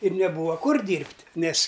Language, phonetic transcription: Lithuanian, ir neˈbūva ˈkur ˈdyrbt' ˈnes'

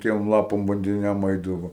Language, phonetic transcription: Lithuanian, ˈtiem ˈlapam bandiˈniam ˈaidavo

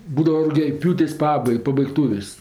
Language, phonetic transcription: Lithuanian, ˈbūdava rugiaˈpjūtės' ˈpabai pabaigˈtūvės'

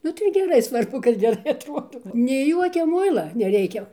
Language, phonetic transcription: Lithuanian, ˈnu tai geˈrai ˈsvarbu kad geˈrai atˈruodau nei ˈjuokia ˈmuila neˈreikia

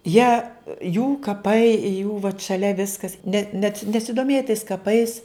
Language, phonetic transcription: Lithuanian, ˈjie jų kaˈpai jų vat šaˈlia ˈviskas net net nesidoˈmėja tais kaˈpais

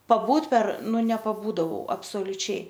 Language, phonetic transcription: Lithuanian, paˈbūt per ˈnu nepaˈbūdavau absoliuˈčiai

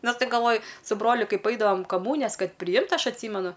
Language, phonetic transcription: Lithuanian, ˈnas ˈtaip galˈvoju su ˈbroliu ˈkaip ˈaidavom kaˈmūnijas ˈkad priˈjimtˈ aš atˈsymenu

